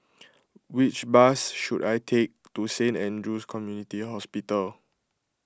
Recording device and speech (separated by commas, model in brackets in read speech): close-talking microphone (WH20), read sentence